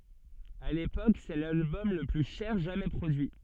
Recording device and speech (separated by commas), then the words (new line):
soft in-ear microphone, read sentence
À l’époque, c’est l’album le plus cher jamais produit.